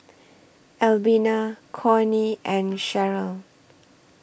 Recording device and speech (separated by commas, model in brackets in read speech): boundary microphone (BM630), read sentence